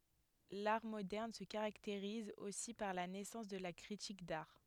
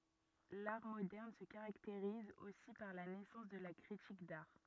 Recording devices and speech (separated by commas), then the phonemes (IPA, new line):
headset microphone, rigid in-ear microphone, read sentence
laʁ modɛʁn sə kaʁakteʁiz osi paʁ la nɛsɑ̃s də la kʁitik daʁ